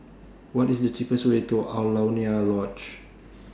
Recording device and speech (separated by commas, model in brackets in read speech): standing microphone (AKG C214), read sentence